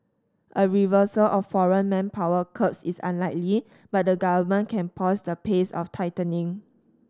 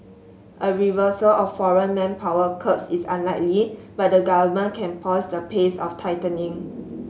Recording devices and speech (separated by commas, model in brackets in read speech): standing microphone (AKG C214), mobile phone (Samsung S8), read sentence